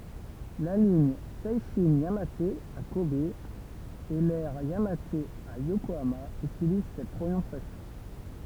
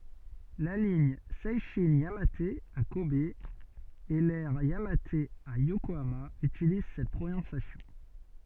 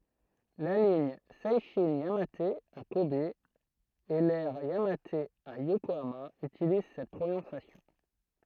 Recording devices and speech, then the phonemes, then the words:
temple vibration pickup, soft in-ear microphone, throat microphone, read sentence
la liɲ sɛʃɛ̃ jamat a kɔb e lɛʁ jamat a jokoama ytiliz sɛt pʁonɔ̃sjasjɔ̃
La ligne Seishin-Yamate à Kobe et l'aire Yamate à Yokohama utilisent cette prononciation.

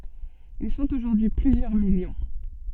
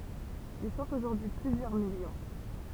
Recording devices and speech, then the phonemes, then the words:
soft in-ear microphone, temple vibration pickup, read sentence
il sɔ̃t oʒuʁdyi y plyzjœʁ miljɔ̃
Ils sont aujourd'hui plusieurs millions.

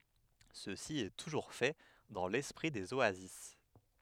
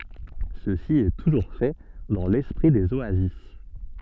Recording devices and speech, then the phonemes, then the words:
headset microphone, soft in-ear microphone, read sentence
səsi ɛ tuʒuʁ fɛ dɑ̃ lɛspʁi dez oazis
Ceci est toujours fait dans l'esprit des oasis.

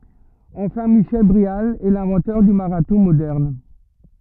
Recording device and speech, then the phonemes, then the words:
rigid in-ear microphone, read sentence
ɑ̃fɛ̃ miʃɛl bʁeal ɛ lɛ̃vɑ̃tœʁ dy maʁatɔ̃ modɛʁn
Enfin, Michel Bréal est l'inventeur du marathon moderne.

